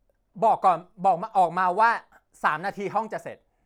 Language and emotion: Thai, angry